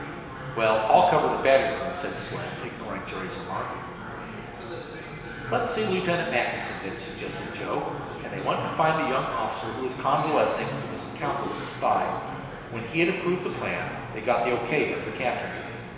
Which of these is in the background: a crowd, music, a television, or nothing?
Crowd babble.